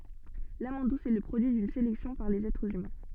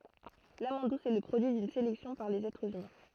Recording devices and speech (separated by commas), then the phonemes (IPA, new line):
soft in-ear microphone, throat microphone, read sentence
lamɑ̃d dus ɛ lə pʁodyi dyn selɛksjɔ̃ paʁ lez ɛtʁz ymɛ̃